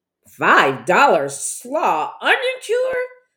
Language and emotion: English, fearful